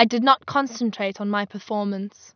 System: none